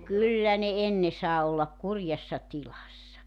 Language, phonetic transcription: Finnish, "kyllä ne 'enne saa ollak "kurjassa "tilassa .
- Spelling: kyllä ne ennen sai olla kurjassa tilassa

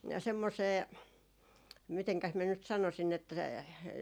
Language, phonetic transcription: Finnish, 'semmosee , miteŋkäs miä nyt 'sanosin että ,.
- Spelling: semmoiseen mitenkäs minä nyt sanoisin että

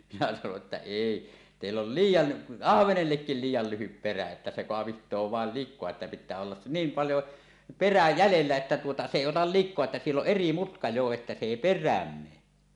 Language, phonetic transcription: Finnish, minä sanoˀ ˀettä » "èi , 'tèill ‿ol "liij̆jan , "ahvenellekkil 'liij̆jal lyhyp perä että se "koaviht̀oo vàel lik̆koa että pit̆tää ollas s- , 'niim 'paljo , "perä "jälellä 'että tuota 'se 'èi otal "lik̆koa että 'siell ‿oˀ "ˀeri 'mutka 'jo että se èi "per̆rääm mee « .
- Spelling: minä sanoin että ei teillä on liian ahvenellekin liian lyhyt perä että se kaapii vain likaa että pitää olla - niin paljon perää jäljellä että tuota se ei ota likaa että siellä on eri mutka jo että se ei perään mene

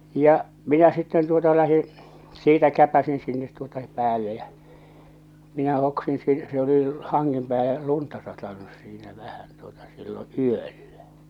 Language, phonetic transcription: Finnish, ja , 'minä sitten tuota 'lähiḭ , "siitä 'käpäsin sinnet tuota "päälle jä , 'minä hoksin si- , se oli , 'haŋŋem pääle , 'lunta satanus siinä 'vähän tuota sillo "yöllä .
- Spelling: ja minä sitten tuota lähdin siitä käpäisin sinne tuota päälle ja minä hoksasin - se oli hangen päälle lunta satanut siinä vähän tuota silloin yöllä

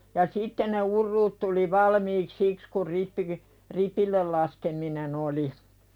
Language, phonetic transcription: Finnish, ja "sitte ne 'urruut tuli "valmiik "siks kur 'rippiGi- , "ripillel laskeminen ‿oli .
- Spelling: ja sitten ne urut tuli valmiiksi siksi kun - ripille laskeminen oli

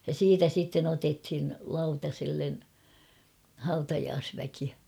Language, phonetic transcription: Finnish, ja "siitä sitten otethin̳ 'lauta§sellen , 'hautajaasväki .
- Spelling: ja siitä sitten otettiin lautaselle hautajaisväki

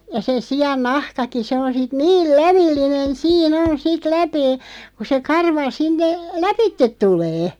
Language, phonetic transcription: Finnish, ja se 'si₍an "nahkaki 'se on sit "niil "lävillinen̬ "sii"n on 'sit "läpee , ku se 'karva 'sinne , "läpittet 'tulee .
- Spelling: ja se sian nahkakin se on sitten niin lävellinen siinä on sitten läpeä kun se karva sinne lävitse tulee

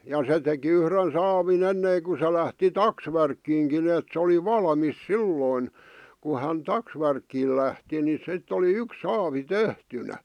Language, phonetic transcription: Finnish, ja se teki 'yhren 'saavin ‿ennèⁱŋku se lähti "taksvärkkiiŋkin ‿èt se oli "valᵃmis "silloin , ku hän "taksvärkkiil lähti ni 'sitt ‿oli 'yks "saavi "tehtynä .
- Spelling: ja se teki yhden saavin ennen kun se lähti taksvärkkiinkin että se oli valmis silloin kun hän taksvärkkiin lähti niin sitten oli yksi saavi tehtynä

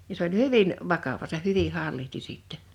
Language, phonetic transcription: Finnish, ja s ‿oĺ "hyvin , 'vakava seh̆ "hyviʰ 'hallihti sìttɛɴ .
- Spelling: ja se oli hyvin vakava se hyvin hallitsi sitten

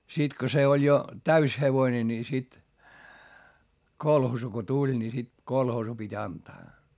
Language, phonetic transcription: Finnish, sit ko se oĺ jo , täys hevoⁱne ni sit , kolhoosu ko tuĺ ni sit , kolhoosu pit́ ‿antaa .
- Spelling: sitten kun se oli jo täysi hevonen niin sitten kolhoosi kun tuli niin sitten kolhoosiin piti antaa

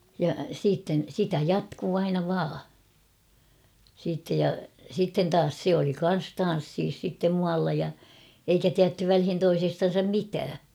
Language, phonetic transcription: Finnish, ja siitten̬ 'sitä "jatkuu aina 'vaa , siittej ja , sitten taas 'se oli 'kan̬s "tan̬ssiis sittem 'mualla ja , eikä tiätty 'välhin 'toisestan̬sam "mitää .
- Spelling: ja sitten sitä jatkui aina vain sitten ja sitten taas se oli kanssa tansseissa sitten muualla ja eikä tiedetty väliin toisestansa mitään

